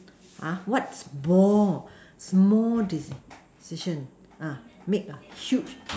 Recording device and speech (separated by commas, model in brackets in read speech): standing microphone, conversation in separate rooms